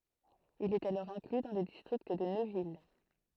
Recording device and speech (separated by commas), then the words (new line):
throat microphone, read sentence
Il est alors inclus dans le district de Neuville.